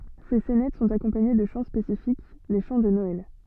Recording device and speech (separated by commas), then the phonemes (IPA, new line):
soft in-ear microphone, read sentence
se sɛnɛt sɔ̃t akɔ̃paɲe də ʃɑ̃ spesifik le ʃɑ̃ də nɔɛl